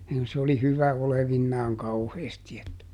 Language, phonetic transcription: Finnish, s ‿oli "hyvä olevinnaaŋ ˈkauheesti että .
- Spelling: se oli hyvä olevinaan kauheasti että

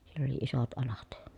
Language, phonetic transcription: Finnish, siell ‿oli isot alat .
- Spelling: siellä oli isot alat

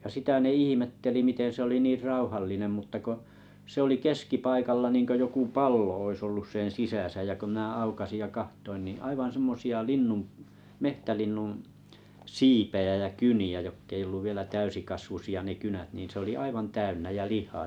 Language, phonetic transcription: Finnish, ja 'sitä ne "ihimetteli 'miten̬ se 'oli 'niir "ràuhallinem mutta ko , 'se ‿oli"keskipaikalla niiŋkö 'joku "pallo ois 'ollus 'sen̬ "sisä̀sä jä kö mⁱnä aukasij ja kahtoin niḭ aivan semmosi₍a 'linnum p- , 'mehtälinnuṵ , "siipejä jä "kyni₍ä 'jokk ‿ei olluv vielä 'täysikasvusi₍a ne 'kynät niin se oli 'aivan 'täynnä jä 'lih̀aa .
- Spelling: ja sitä ne ihmetteli miten se oli niin rauhallinen mutta kun se oli keskipaikalla niin kuin joku pallo olisi ollut sen sisässä ja kun minä aukaisin ja katsoin niin aivan semmoisia linnun - metsälinnun siipiä ja kyniä jotka ei ollut vielä täysikasvuisia ne kynät niin se oli aivan täynnä ja lihaa

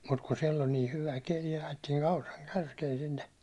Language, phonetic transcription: Finnish, mut kun siel ol nii 'hyvä 'keli ajettiin Auraŋ 'kärkeen sinne ,.
- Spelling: mutta kun siellä oli niin hyvä keli ajettiin Auran kärkeen sinne

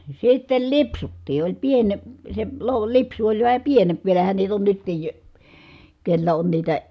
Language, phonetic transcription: Finnish, sittel lipsuttii , oĺ piene- , se lo- lipsu oĺ vähä pienemp , vielähän niit ‿on nyttij jo- , kellä on niitä ,.
- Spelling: sitten lipsuttiin oli - se - lipsu oli vähän pienempi vielähän niitä on nytkin - kenellä on niitä

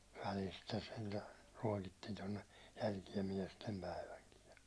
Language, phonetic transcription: Finnish, välistä sentä , 'ruåkittiin ton̆ne , jälkie 'miɛstempäiväŋkiij ja ,.
- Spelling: välistä sentään ruokittiin tuonne jälkeen miestenpäivänkin ja

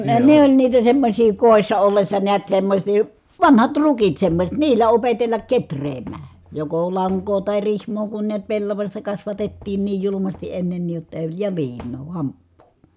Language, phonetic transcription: Finnish, no ne , ne ‿oĺ niitä semmośii kòissa ollessa niät semmośii , vanhat rukit semmośet , niil̀ä opetellak ketr̀eemää , joko laŋkoo tài rihm̀oo kun niät pellavaśta kasvatettiin niij julumasti ʼennennìj jotta e- , ja liin̆noo hamppuu .
- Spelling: no ne ne oli niitä semmoisia kodissa ollessa näet semmoisia vanhat rukit semmoiset niillä opetella kehräämään joko lankaa tai rihmaa kun näet pellavasta kasvatettiin niin julmasti ennenkin jotta - ja liinaa hamppua

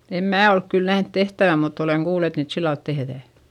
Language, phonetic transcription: Finnish, em mää olk kyl nähnt tehtävä mutt ‿oleŋ kuul ‿et niit sillalt tehδä̀ .
- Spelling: en minä ole kyllä nähnyt tehtävän mutta olen kuullut että niitä sillä lailla tehdään

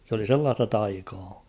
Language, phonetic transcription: Finnish, s ‿oli 'sellaasta 'taikaa .
- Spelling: se oli sellaista taikaa

